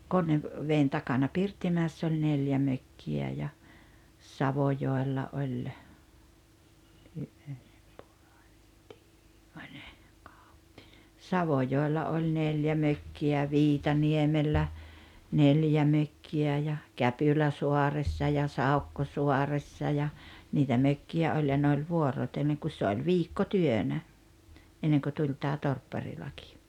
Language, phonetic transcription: Finnish, Konnev- , -'veen 'takana "Pirttimä̀ess ‿oĺ 'neljä 'mökki₍ä ja , 'Savojòella 'oĺ , , "Savojòella oĺ 'neljä 'mökki₍ä ja "Viitaniemellä , 'neljä 'mökki₍ä ja , "Käpyläsuaressa ja "Saukkosuaressa ja , niitä "mökki₍ä 'oĺ ja 'ne oĺ "vuor̀otelleŋ kus se oĺ "viikko'työnä , enneŋkö 'tuĺ tää "torpparilakɪ .
- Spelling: - Konneveden takana Pirttimäessä oli neljä mökkiä ja Savojoella oli Savojoella oli neljä mökkiä ja Viitaniemellä neljä mökkiä ja Käpyläsaaressa ja Saukkosaaressa ja niitä mökkiä oli ja ne oli vuorotellen kun se oli viikkotyönä ennen kuin tuli tämä torpparilaki

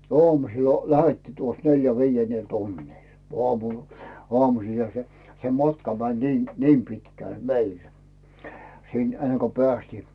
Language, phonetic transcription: Finnish, 'oamusillᴀ lähettii tuos 'neljä "vii₍ennel 'tunnìl , oamu , 'oamusiiha se , se "matka mäń 'nii , 'niim 'pitkä̀l "meil , sìn enne ko "pᵉästii .
- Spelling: aamusilla lähdettiin tuossa - viidennellä tunnilla aamu aamuisinhan se se matka meni niin niin pitkälle meillä sinne ennen kuin päästiin

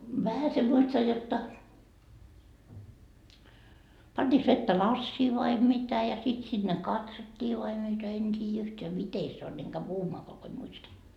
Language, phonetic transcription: Finnish, 'vähäse muistaj jotta , 'pant́iiks vettä "lassii vai 'mitä ja 'sit sinne "katsottii vai mitä 'en 't́iijä yhteä "mite se on , eŋ käy "puhumaakoa ko en muista .
- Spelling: vähäsen muistan jotta pantiinkos vettä lasiin vai mitä ja sitten sinne katsottiin vai mitä en tiedä yhtään miten se on en käy puhumaankaan kun en muista

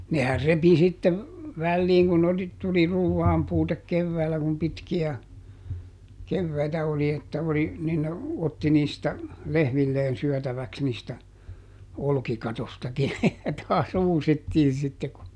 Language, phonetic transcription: Finnish, nehär ˈrepi sitte , ˈvälliiŋ kun oli , tuli ˈruuvvaampuutek ˈkevväällä kum ˈpitki₍ä , ˈkevväitä oli että oli , ˈnin ne , ˈotti niistä , "lehmilleen ˈsyɔ̈̀täväks niistä , ˈolkikatostakin , ja taas "uusittiin̬ sitte ku ,.
- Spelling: nehän repi sitten väliin kun oli tuli ruuanpuute keväällä kun pitkiä keväitä oli että oli niin ne otti niistä lehmilleen syötäväksi niistä olkikatoistakin ja taas uusittiin sitten kun

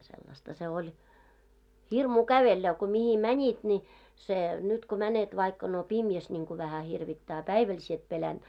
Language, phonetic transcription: Finnish, sellasta se oĺ , 'hirmuu 'kävellä , ko mihi "mäńit ni , se , nyt ko 'mänet vaikka no "pimjäs ńiŋku vähä 'hirvittää a "päiväl sie et 'pelänᴅ .
- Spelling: sellaista se oli hirmua kävellä kun mihin menit niin se nyt kun menet vaikka no pimeässä niin kuin vähän hirvittää a päivällä sinä et pelännyt

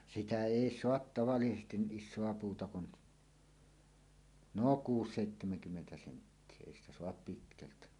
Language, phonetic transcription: Finnish, 'sitä "èi "soat tavallisestin (ni) "ˀis̆soa 'puuta kun , 'nò kuus- 'sèittemeŋkymmentä senttie 'èi ‿stä "soap 'pitkältä .
- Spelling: sitä ei saa tavallisesti niin isoa puuta kuin no - kuusi- seitsemänkymmentä senttiä ei sitä saa pitkältä

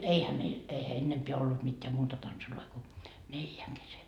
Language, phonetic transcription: Finnish, 'eihä meil , eihä 'ennempeä ollut mitteä "muuta tansuloi ko , 'neljäŋ kese .
- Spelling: eihän meillä eihän ennempää ollut mitään muuta tansseja kuin neljän kesken

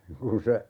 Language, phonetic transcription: Finnish, 'kun se , .
- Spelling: kun se

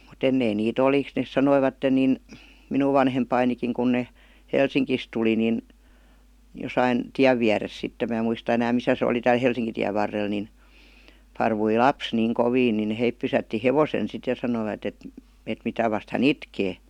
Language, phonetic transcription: Finnish, mut ‿ennein nii't ‿oli , nes 'sanoivatten nìn , "minuv vanhempainikiŋ kun 'ne , "Helsiŋkis tuli nin , 'josain , "tiäv viäres sittem mä̀ muista enääm "misä se oli 'tääl "Helsiŋkitiäv varrel nin , 'parvui "laps niiŋ 'koviin nin 'heip pysätti 'hevosen sit ja sanoivat et , et » 'mitä vast hä"n ‿itkee « .
- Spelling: mutta ennen niitä oli ne sanoivat niin minun vanhempanikin kun ne Helsingistä tuli niin jossakin tien vieressä sitten minä muista enää missä se oli täällä Helsinkitien varrella niin parkui lapsi niin kovin niin he pysäytti hevosen sitten ja sanoivat että että mitä vasten hän itkee

